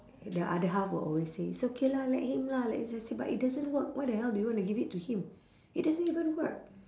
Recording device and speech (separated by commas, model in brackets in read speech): standing microphone, conversation in separate rooms